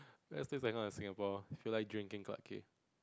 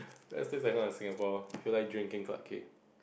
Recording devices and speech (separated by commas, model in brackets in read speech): close-talking microphone, boundary microphone, conversation in the same room